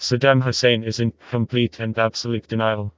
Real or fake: fake